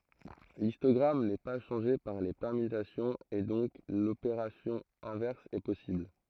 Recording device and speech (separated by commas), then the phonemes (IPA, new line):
throat microphone, read sentence
listɔɡʁam nɛ pa ʃɑ̃ʒe paʁ le pɛʁmytasjɔ̃z e dɔ̃k lopeʁasjɔ̃ ɛ̃vɛʁs ɛ pɔsibl